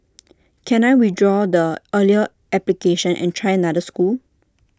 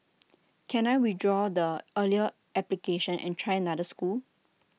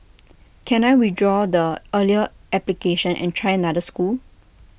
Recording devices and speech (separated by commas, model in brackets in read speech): standing microphone (AKG C214), mobile phone (iPhone 6), boundary microphone (BM630), read sentence